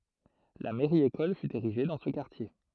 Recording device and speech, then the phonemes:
throat microphone, read sentence
la mɛʁjəekɔl fy eʁiʒe dɑ̃ sə kaʁtje

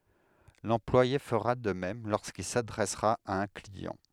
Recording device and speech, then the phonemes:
headset microphone, read sentence
lɑ̃plwaje fəʁa də mɛm loʁskil sadʁɛsʁa a œ̃ kliɑ̃

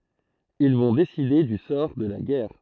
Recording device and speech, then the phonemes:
throat microphone, read sentence
il vɔ̃ deside dy sɔʁ də la ɡɛʁ

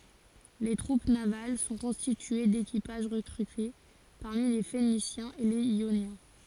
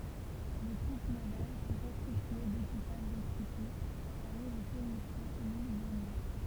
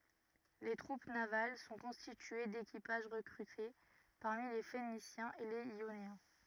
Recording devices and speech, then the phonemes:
forehead accelerometer, temple vibration pickup, rigid in-ear microphone, read sentence
le tʁup naval sɔ̃ kɔ̃stitye dekipaʒ ʁəkʁyte paʁmi le fenisjɛ̃z e lez jonjɛ̃

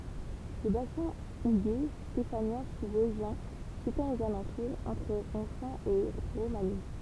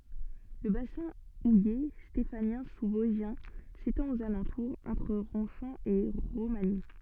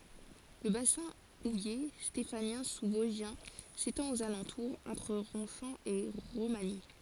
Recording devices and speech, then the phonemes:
temple vibration pickup, soft in-ear microphone, forehead accelerometer, read sentence
lə basɛ̃ uje stefanjɛ̃ suzvɔzʒjɛ̃ setɑ̃t oz alɑ̃tuʁz ɑ̃tʁ ʁɔ̃ʃɑ̃ e ʁomaɲi

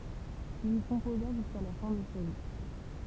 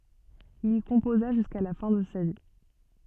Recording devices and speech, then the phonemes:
temple vibration pickup, soft in-ear microphone, read sentence
il i kɔ̃poza ʒyska la fɛ̃ də sa vi

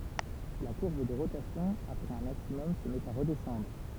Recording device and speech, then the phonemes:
temple vibration pickup, read sentence
la kuʁb də ʁotasjɔ̃ apʁɛz œ̃ maksimɔm sə mɛt a ʁədɛsɑ̃dʁ

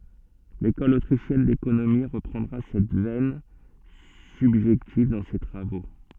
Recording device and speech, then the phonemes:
soft in-ear microphone, read sentence
lekɔl otʁiʃjɛn dekonomi ʁəpʁɑ̃dʁa sɛt vɛn sybʒɛktiv dɑ̃ se tʁavo

